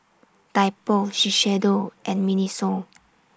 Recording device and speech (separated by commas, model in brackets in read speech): standing microphone (AKG C214), read sentence